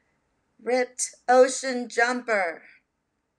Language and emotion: English, fearful